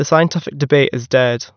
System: none